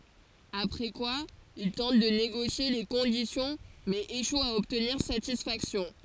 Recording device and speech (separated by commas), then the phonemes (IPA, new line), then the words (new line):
forehead accelerometer, read sentence
apʁɛ kwa il tɑ̃t də neɡosje le kɔ̃disjɔ̃ mɛz eʃwt a ɔbtniʁ satisfaksjɔ̃
Après quoi, ils tentent de négocier les conditions, mais échouent à obtenir satisfaction.